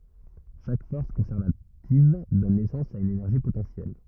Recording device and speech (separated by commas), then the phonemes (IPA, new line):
rigid in-ear microphone, read sentence
ʃak fɔʁs kɔ̃sɛʁvativ dɔn nɛsɑ̃s a yn enɛʁʒi potɑ̃sjɛl